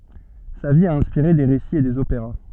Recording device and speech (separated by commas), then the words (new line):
soft in-ear microphone, read sentence
Sa vie a inspiré des récits et des opéras.